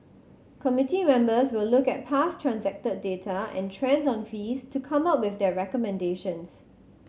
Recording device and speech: mobile phone (Samsung C7100), read sentence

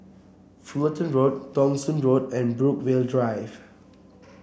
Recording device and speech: boundary microphone (BM630), read sentence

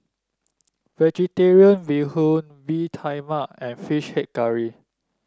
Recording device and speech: standing microphone (AKG C214), read sentence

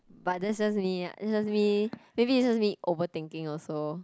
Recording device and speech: close-talking microphone, conversation in the same room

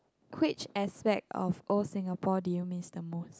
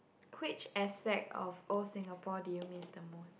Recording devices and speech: close-talking microphone, boundary microphone, conversation in the same room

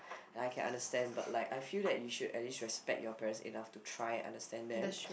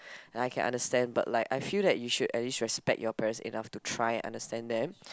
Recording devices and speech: boundary microphone, close-talking microphone, conversation in the same room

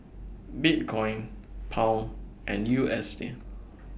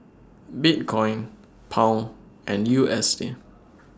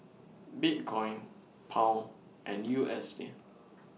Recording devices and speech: boundary microphone (BM630), standing microphone (AKG C214), mobile phone (iPhone 6), read sentence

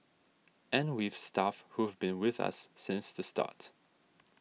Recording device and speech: mobile phone (iPhone 6), read sentence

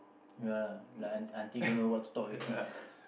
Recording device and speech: boundary microphone, conversation in the same room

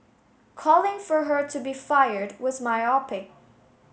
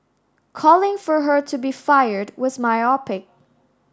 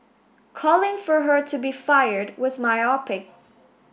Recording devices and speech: mobile phone (Samsung S8), standing microphone (AKG C214), boundary microphone (BM630), read sentence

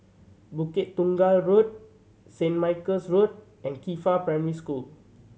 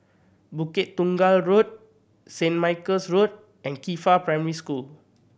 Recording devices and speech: mobile phone (Samsung C7100), boundary microphone (BM630), read sentence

